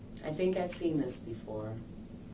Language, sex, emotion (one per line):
English
female
neutral